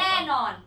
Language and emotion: Thai, happy